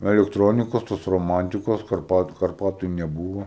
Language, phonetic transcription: Lithuanian, elekˈtronikas tas roˈmantikas karˈpat karˈpatu neˈbūvo

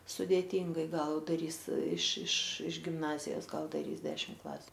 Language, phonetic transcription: Lithuanian, sudėˈtyngai ˈgal daˈrys iš iš iš gimˈnazijos ˈgal daˈrys ˈdešim ˈklasiu

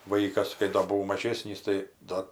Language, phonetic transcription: Lithuanian, ˈvaikas kai ˈdo buˈvau maˈžėsnys tai ˈda

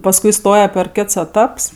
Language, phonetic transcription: Lithuanian, pasˈkui ˈstoje per ˈkets eˈtaps

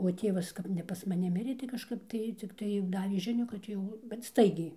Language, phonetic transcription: Lithuanian, o ˈtėvas ˈkap ne pas maˈni ˈmirė tai kaˈžkap tai cikˈtai ˈdavė ˈžinių kad ˈjau bet ˈstaigiai

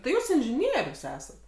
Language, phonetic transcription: Lithuanian, tai ˈjūs inžiˈnierius ˈesat

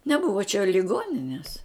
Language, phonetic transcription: Lithuanian, neˈbuva čia liˈgonines

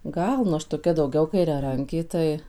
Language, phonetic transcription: Lithuanian, ˈgal nu ˈaš toˈkia dauˈgiau kairiaˈrankė ˈtai

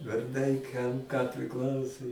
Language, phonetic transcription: Lithuanian, varˈdai kam ką priˈklausu

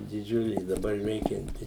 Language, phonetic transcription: Lithuanian, diˈdžiulė i daˈbar ˈveikianti

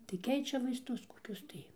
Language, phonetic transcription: Lithuanian, tai ˈkeičia vaisˈtus koˈkius tai

